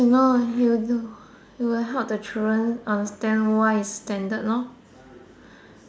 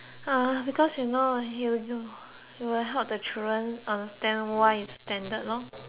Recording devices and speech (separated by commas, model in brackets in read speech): standing microphone, telephone, conversation in separate rooms